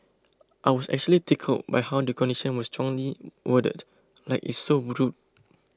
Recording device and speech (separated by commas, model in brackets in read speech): close-talking microphone (WH20), read sentence